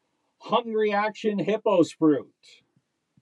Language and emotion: English, neutral